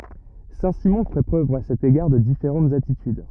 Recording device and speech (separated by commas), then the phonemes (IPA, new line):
rigid in-ear microphone, read sentence
sɛ̃tsimɔ̃ fɛ pʁøv a sɛt eɡaʁ də difeʁɑ̃tz atityd